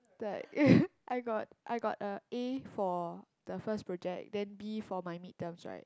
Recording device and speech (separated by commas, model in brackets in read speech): close-talking microphone, conversation in the same room